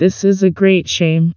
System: TTS, vocoder